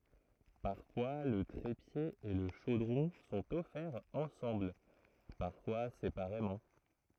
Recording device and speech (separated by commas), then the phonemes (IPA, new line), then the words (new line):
throat microphone, read sentence
paʁfwa lə tʁepje e lə ʃodʁɔ̃ sɔ̃t ɔfɛʁz ɑ̃sɑ̃bl paʁfwa sepaʁemɑ̃
Parfois le trépied et le chaudron sont offerts ensemble, parfois séparément.